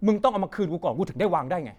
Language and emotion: Thai, angry